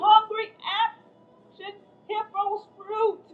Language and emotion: English, fearful